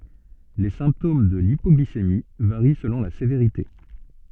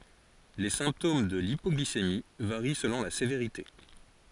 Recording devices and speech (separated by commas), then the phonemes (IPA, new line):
soft in-ear microphone, forehead accelerometer, read sentence
le sɛ̃ptom də lipɔɡlisemi vaʁi səlɔ̃ la seveʁite